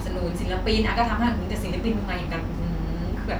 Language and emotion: Thai, frustrated